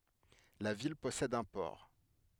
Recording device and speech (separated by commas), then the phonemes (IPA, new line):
headset microphone, read sentence
la vil pɔsɛd œ̃ pɔʁ